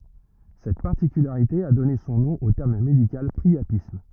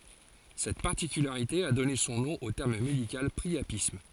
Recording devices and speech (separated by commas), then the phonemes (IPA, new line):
rigid in-ear microphone, forehead accelerometer, read sentence
sɛt paʁtikylaʁite a dɔne sɔ̃ nɔ̃ o tɛʁm medikal pʁiapism